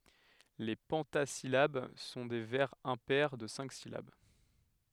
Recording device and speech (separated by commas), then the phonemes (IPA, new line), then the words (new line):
headset microphone, read sentence
le pɑ̃tazilab sɔ̃ de vɛʁz ɛ̃pɛʁ də sɛ̃k silab
Les pentasyllabes sont des vers impairs de cinq syllabes.